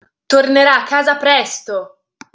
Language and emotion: Italian, angry